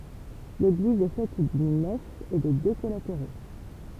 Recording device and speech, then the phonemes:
temple vibration pickup, read sentence
leɡliz ɛ fɛt dyn nɛf e də dø kɔlateʁo

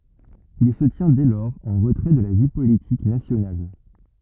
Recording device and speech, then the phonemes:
rigid in-ear microphone, read sentence
il sə tjɛ̃ dɛ lɔʁz ɑ̃ ʁətʁɛ də la vi politik nasjonal

